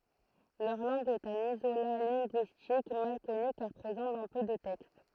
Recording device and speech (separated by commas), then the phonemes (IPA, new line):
throat microphone, read sentence
lœʁ lɑ̃ɡ ɛt œ̃n izola lɛ̃ɡyistik mal kɔny kaʁ pʁezɑ̃ dɑ̃ pø də tɛkst